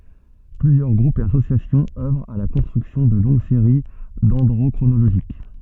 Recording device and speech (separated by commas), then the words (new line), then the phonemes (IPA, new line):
soft in-ear microphone, read sentence
Plusieurs groupes et associations œuvrent à la construction de longues séries dendrochronologiques.
plyzjœʁ ɡʁupz e asosjasjɔ̃z œvʁt a la kɔ̃stʁyksjɔ̃ də lɔ̃ɡ seʁi dɛ̃dʁokʁonoloʒik